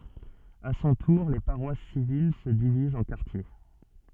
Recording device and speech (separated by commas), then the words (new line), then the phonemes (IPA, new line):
soft in-ear microphone, read sentence
À son tour les paroisses civiles se divisent en quartiers.
a sɔ̃ tuʁ le paʁwas sivil sə divizt ɑ̃ kaʁtje